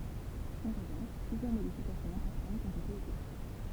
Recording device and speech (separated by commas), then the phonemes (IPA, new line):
temple vibration pickup, read sentence
ɑ̃ ʁəvɑ̃ʃ plyzjœʁ modifikasjɔ̃z ɛ̃pɔʁtɑ̃tz ɔ̃t ete efɛktye